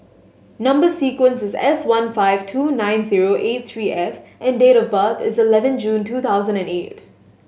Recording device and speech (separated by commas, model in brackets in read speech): mobile phone (Samsung S8), read sentence